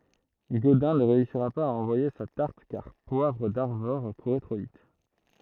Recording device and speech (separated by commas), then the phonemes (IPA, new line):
throat microphone, read sentence
ɡodɛ̃ nə ʁeysiʁa paz a ɑ̃vwaje sa taʁt kaʁ pwavʁ daʁvɔʁ kuʁɛ tʁo vit